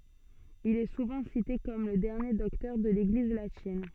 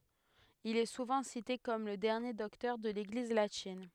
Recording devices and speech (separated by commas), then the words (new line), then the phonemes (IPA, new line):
soft in-ear microphone, headset microphone, read sentence
Il est souvent cité comme le dernier docteur de l'Église latine.
il ɛ suvɑ̃ site kɔm lə dɛʁnje dɔktœʁ də leɡliz latin